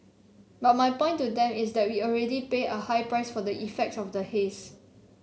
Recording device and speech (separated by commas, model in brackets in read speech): mobile phone (Samsung C7), read sentence